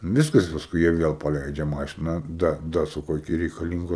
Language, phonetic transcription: Lithuanian, ˈviskas pasˈkui jie ˈviel paˈleidžia ˈmašiną ˈda ˈdasuka iˈki reikaˈlyngo

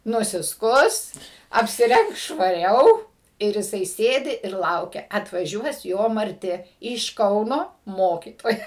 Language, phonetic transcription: Lithuanian, nusiˈskus apsiˈrengs švaˈriau ir jiˈsai ˈsėdi ir ˈlaukia atvaˈžiuos ˈjo marˈti iš ˈkauno ˈmokytoja

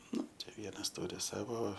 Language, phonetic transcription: Lithuanian, ˈnu ˈčia ˈvienas ˈturi ˈsavo

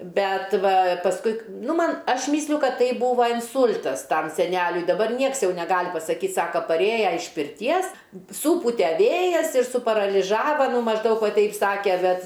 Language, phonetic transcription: Lithuanian, ˈbet ˈva pasˈkui k ˈnu ˈman ˈaš ˈmysliu ˈkad ˈtai ˈbūva inˈsūl'tas ˈtam seˈnæliui daˈbar ˈnieks ˈjau neˈgal' pasaˈkyt ˈsaka paˈrėja iš pirˈties sūˈpute ˈvėjas ir suparaliˈžava mažˈdaug ˈva ˈteip ˈsake ˈbet

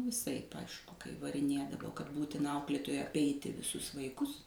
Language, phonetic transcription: Lithuanian, viˈsaip ˈaišku kai variˈnėdavo kad ˈbūtina ˈauklėtojai apˈeiti viˈsus vaiˈkus

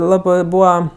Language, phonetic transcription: Lithuanian, ˈlabɜ ˈbūva

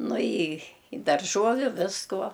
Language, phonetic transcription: Lithuanian, ˈnu i i darˈžuoviu ˈviskuo

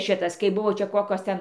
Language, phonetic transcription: Lithuanian, ˈšitas kai ˈbuvo ˈčia ˈkokios ˈten

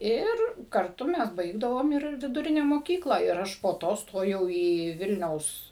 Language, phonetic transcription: Lithuanian, ˈir karˈtu ˈmes ˈbaigdavom ir viduˈrine moˈkykla ir ˈaš po ˈto ˈstojau į ˈvilniaus

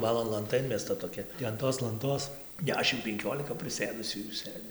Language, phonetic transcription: Lithuanian, ˈbalon lanˈta ˈinmesta toˈkia ti an ˈtos lanˈtos ˈdešim penˈkiolika priˈsėdusių jų ˈsɘdzi

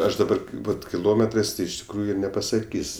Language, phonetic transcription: Lithuanian, ˈaš daˈbar ˈbut kiˈlometrɜs tai iš tikˈrųju nepasaˈkys'

